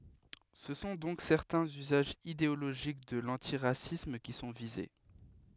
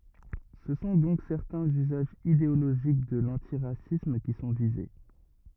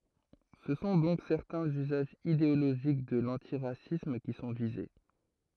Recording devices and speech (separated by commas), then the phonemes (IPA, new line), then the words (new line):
headset microphone, rigid in-ear microphone, throat microphone, read sentence
sə sɔ̃ dɔ̃k sɛʁtɛ̃z yzaʒz ideoloʒik də lɑ̃tiʁasism ki sɔ̃ vize
Ce sont donc certains usages idéologiques de l'antiracisme qui sont visés.